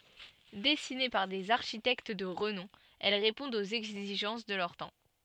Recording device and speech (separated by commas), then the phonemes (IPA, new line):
soft in-ear microphone, read sentence
dɛsine paʁ dez aʁʃitɛkt də ʁənɔ̃ ɛl ʁepɔ̃dt oz ɛɡziʒɑ̃s də lœʁ tɑ̃